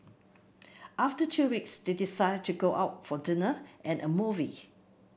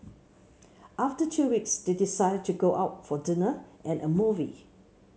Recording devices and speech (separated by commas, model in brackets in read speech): boundary microphone (BM630), mobile phone (Samsung C7), read sentence